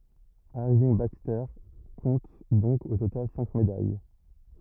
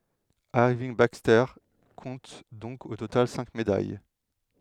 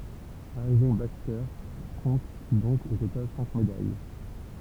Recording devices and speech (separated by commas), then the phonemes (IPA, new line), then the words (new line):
rigid in-ear microphone, headset microphone, temple vibration pickup, read sentence
iʁvinɡ bakstɛʁ kɔ̃t dɔ̃k o total sɛ̃k medaj
Irving Baxter compte donc au total cinq médailles.